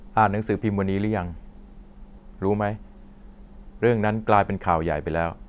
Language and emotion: Thai, neutral